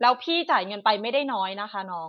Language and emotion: Thai, frustrated